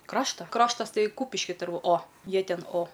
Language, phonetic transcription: Lithuanian, ˈkrašta ˈkraštas ˈtai ˈkūpiški ˈturˈbu o ˈjie ˈten o

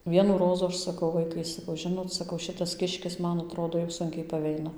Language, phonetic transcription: Lithuanian, ˈvienų ˈrozų ˈaš saˈkau ˈvaikai saˈkau ˈžinot saˈkau ˈšitas ˈkiškis ˈman aˈtrodo jau ˈsunkiai paˈveina

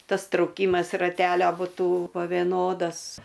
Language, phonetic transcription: Lithuanian, ˈtas trauˈkymas raˈtelio buˈtų po vėˈnodas

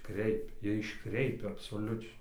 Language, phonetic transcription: Lithuanian, ˈkreipia ˈjie išˈkreipia absoˈliučiai

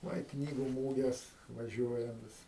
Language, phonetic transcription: Lithuanian, ˈva i ˈknygu ˈmūges vaˈžiuojam ˈvis

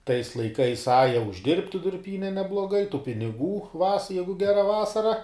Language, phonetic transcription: Lithuanian, tais laiˈkais ˈaja užˈdirbti durˈpyne nebloˈgai tu piniˈgų vas ˈjegu ˈgera ˈvasara

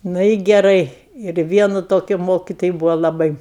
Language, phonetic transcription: Lithuanian, ˈnu i geˈrai ir ˈvienu ˈtokiu ˈmokitoji ˈbūvo laˈbai

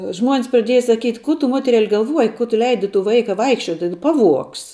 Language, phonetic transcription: Lithuanian, ˈžmuon's praˈdieja saˈkyt' ˈku tu ˈmoterel' galˈvuoji ˈku tu ˈleidi tu ˈvaika ˈvaikščiuoti ˈpaˌvuogs

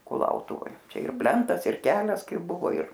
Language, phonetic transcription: Lithuanian, kuˈlautuvoj ˈčia ir ˈplentas ir ˈkelias ˈkaip ˈbuvo ir

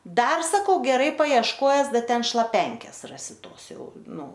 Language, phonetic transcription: Lithuanian, ˈdar saˈkau geˈrai paiešˈkojes ˈda ˈten šlaˈpenkės ˈrasi ˈtos ˈjau ˈnu

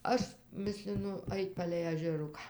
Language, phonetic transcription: Lithuanian, ˈaš ˈmislinu ˈait' palei ažeˈruką

